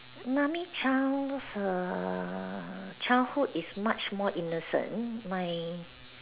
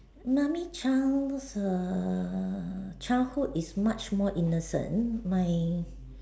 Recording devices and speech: telephone, standing microphone, conversation in separate rooms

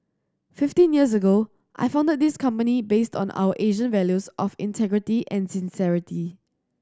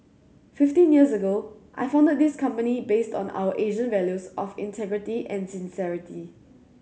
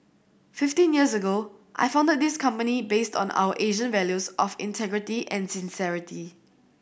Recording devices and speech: standing microphone (AKG C214), mobile phone (Samsung C7100), boundary microphone (BM630), read sentence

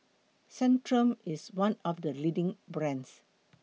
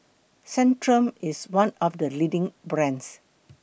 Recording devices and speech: mobile phone (iPhone 6), boundary microphone (BM630), read sentence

